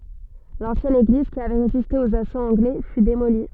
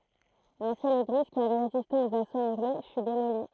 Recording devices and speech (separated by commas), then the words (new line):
soft in-ear microphone, throat microphone, read sentence
L'ancienne église, qui avait résisté aux assauts anglais, fut démolie.